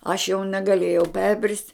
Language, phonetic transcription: Lithuanian, aš jau negaˈlėjau ˈperbrist'

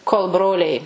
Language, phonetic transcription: Lithuanian, kol ˈbroliai

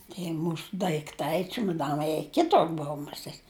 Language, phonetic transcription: Lithuanian, tie ˈmūsu daikˈtai čiumaˈdanai jie ˈkitur ˈbou muˈsėt'

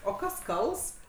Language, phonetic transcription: Lithuanian, o ˈkas ˈkals

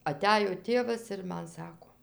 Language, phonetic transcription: Lithuanian, aˈtæjo ˈtėvas ir ˈman ˈsako

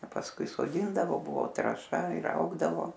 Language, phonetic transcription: Lithuanian, a pasˈkui soˈdyndavo ˈbuvo traˈša ir ˈaugdavo

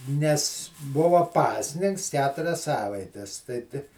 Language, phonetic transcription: Lithuanian, nes ˈbuvo ˈpasninks ˈketurias ˈsavaites tai ti

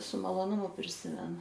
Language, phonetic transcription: Lithuanian, su maloˈnumu priˈsimenu

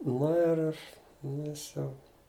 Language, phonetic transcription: Lithuanian, ˈnu ir iš ˈjis ˈjau

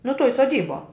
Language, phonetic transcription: Lithuanian, nu tuoj soˈdybuo

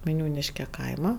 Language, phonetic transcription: Lithuanian, vaiˈniūniške ˈkaima

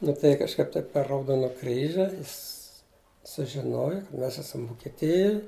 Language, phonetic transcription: Lithuanian, nu tai kažˈkaip ˈtaip per rauˈdona ˈkryži ˈjis sužiˈnoju ka ˈmes ˈesam vukeˈtijuj

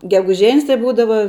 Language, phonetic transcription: Lithuanian, geguˈžen's tai ˈbūdava

